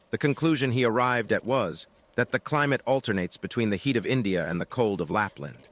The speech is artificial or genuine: artificial